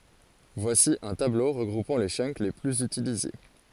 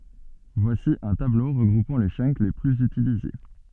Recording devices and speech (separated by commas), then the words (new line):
forehead accelerometer, soft in-ear microphone, read sentence
Voici un tableau regroupant les chunks les plus utilisés.